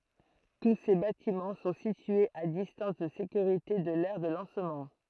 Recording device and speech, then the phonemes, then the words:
throat microphone, read sentence
tu se batimɑ̃ sɔ̃ sityez a distɑ̃s də sekyʁite də lɛʁ də lɑ̃smɑ̃
Tous ces bâtiments sont situés à distance de sécurité de l'aire de lancement.

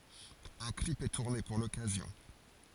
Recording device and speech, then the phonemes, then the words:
forehead accelerometer, read sentence
œ̃ klip ɛ tuʁne puʁ lɔkazjɔ̃
Un clip est tourné pour l'occasion.

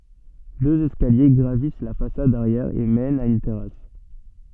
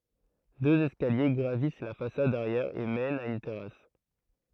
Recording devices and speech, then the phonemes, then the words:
soft in-ear microphone, throat microphone, read sentence
døz ɛskalje ɡʁavis la fasad aʁjɛʁ e mɛnt a yn tɛʁas
Deux escaliers gravissent la façade arrière et mènent à une terrasse.

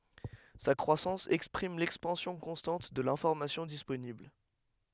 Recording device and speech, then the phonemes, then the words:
headset microphone, read sentence
sa kʁwasɑ̃s ɛkspʁim lɛkspɑ̃sjɔ̃ kɔ̃stɑ̃t də lɛ̃fɔʁmasjɔ̃ disponibl
Sa croissance exprime l'expansion constante de l'information disponible.

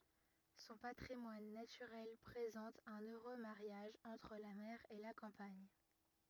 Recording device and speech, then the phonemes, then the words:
rigid in-ear microphone, read sentence
sɔ̃ patʁimwan natyʁɛl pʁezɑ̃t œ̃n øʁø maʁjaʒ ɑ̃tʁ la mɛʁ e la kɑ̃paɲ
Son patrimoine naturel présente un heureux mariage entre la mer et la campagne.

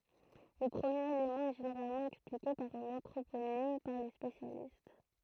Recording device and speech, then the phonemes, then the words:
throat microphone, read sentence
lə pʁəmjeʁ elemɑ̃ ɛ ʒeneʁalmɑ̃ ɛksplike paʁ œ̃n ɑ̃tʁoponim paʁ le spesjalist
Le premier élément est généralement expliqué par un anthroponyme par les spécialistes.

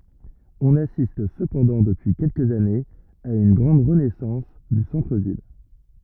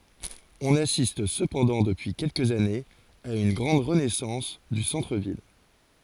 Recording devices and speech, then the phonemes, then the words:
rigid in-ear microphone, forehead accelerometer, read sentence
ɔ̃n asist səpɑ̃dɑ̃ dəpyi kɛlkəz anez a yn ɡʁɑ̃d ʁənɛsɑ̃s dy sɑ̃tʁ vil
On assiste cependant depuis quelques années à une grande renaissance du centre-ville.

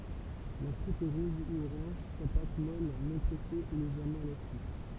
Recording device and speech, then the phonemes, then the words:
temple vibration pickup, read sentence
la kʁut ɛ ʁɔz u oʁɑ̃ʒ sa pat mɔl nɔ̃ pʁɛse ɛ leʒɛʁmɑ̃ elastik
La croûte est rose ou orange, sa pâte, molle non pressée, est légèrement élastique.

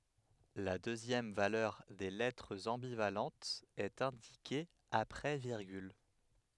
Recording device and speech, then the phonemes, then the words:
headset microphone, read sentence
la døzjɛm valœʁ de lɛtʁz ɑ̃bivalɑ̃tz ɛt ɛ̃dike apʁɛ viʁɡyl
La deuxième valeur des lettres ambivalentes est indiquée après virgule.

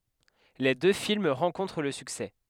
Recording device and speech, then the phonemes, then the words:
headset microphone, read sentence
le dø film ʁɑ̃kɔ̃tʁ lə syksɛ
Les deux films rencontrent le succès.

